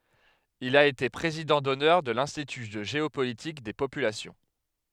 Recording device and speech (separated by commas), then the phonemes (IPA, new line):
headset microphone, read sentence
il a ete pʁezidɑ̃ dɔnœʁ də lɛ̃stity də ʒeopolitik de popylasjɔ̃